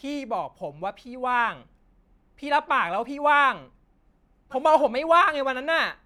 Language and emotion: Thai, angry